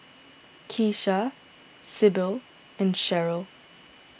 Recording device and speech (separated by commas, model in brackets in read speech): boundary microphone (BM630), read sentence